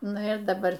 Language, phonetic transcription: Lithuanian, ˈnu ir daˈbar

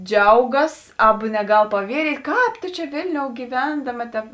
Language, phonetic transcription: Lithuanian, ˈdžiaugas ˈaba neˈgal paˈvieryt' ˈkāp to ˈčia ˈvėlniou gyˈvendama tep

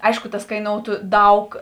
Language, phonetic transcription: Lithuanian, ˈaišku tas kaiˈnoutu ˈdaug

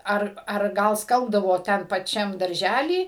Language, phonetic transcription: Lithuanian, ˈar ar ˈgal ˈskalbdavo ˈten paˈčiam darˈžæly

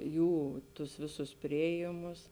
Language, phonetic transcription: Lithuanian, ˈjų tus ˈvėˌsus ˈpriėjėmus

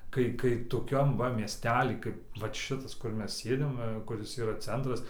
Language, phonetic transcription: Lithuanian, ˈkai ˈkai ˈtokiam ˈva miesˈtely ˈkaip vat ˈšitas kur ˈmes ˈsėdim ˈva ˈkuris ˈyra ˈcentras

